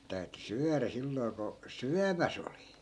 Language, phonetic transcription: Finnish, 'sit täyty "syärä silloi̮ ko , "syämäs ‿oli .
- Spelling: sitten täytyi syödä silloin kun syömässä oli

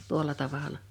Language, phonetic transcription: Finnish, 'tuol̀a 'tavala .
- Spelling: tuolla tavalla

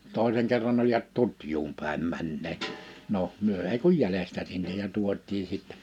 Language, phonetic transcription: Finnish, 'tòiseŋ kerran ‿olivat 'Tutjuum pä̀em 'männeet , 'no , 'myö ei kuj "jälestä sinnej ja 'tuot̆tii sìttɛ .
- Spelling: toisen kerran oli Tutjuun päin menneet no me ei kuin jäljestä sinne ja tuotiin sitten

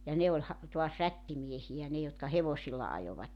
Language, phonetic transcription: Finnish, ja 'ne oĺ 'ha- , tuas 'rättimiehi₍ä 'ne jotka "hevosilla 'ajovatten .
- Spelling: ja ne oli - taas rättimiehiä ne jotka hevosilla ajoivat

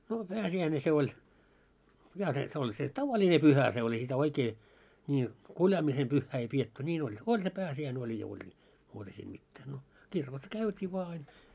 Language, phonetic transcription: Finnish, no 'pääsi₍äine 'se oĺ , 'ja set on se "tavaĺine 'pyhä se oĺ ei sitä 'oikee , ńi , 'kuljaamisem 'pyhhää ei pietty 'ńiin ‿oĺ , 'oĺ se 'pääsi₍äine oĺ ja oĺ ni , 'muuta siim mittää no , 'kirkos "käytii vᵒa ain .
- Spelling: no pääsiäinen se oli ja se on se tavallinen pyhä se oli ei sitä oikein niin kuljaamisen pyhää ei pidetty niin oli oli se pääsiäinen oli ja oli niin muuta siinä mitään no kirkossa käytiin vain aina

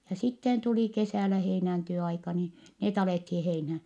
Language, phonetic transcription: Finnish, ja sitten tuli kesä̀lä heinänte₍o aika nii , net alèthii heinhä .
- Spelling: ja sitten tuli kesällä heinänteon aika niin ne alettiin heinään

